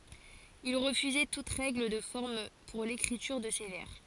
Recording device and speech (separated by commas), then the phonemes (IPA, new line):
forehead accelerometer, read sentence
il ʁəfyzɛ tut ʁɛɡl də fɔʁm puʁ lekʁityʁ də se vɛʁ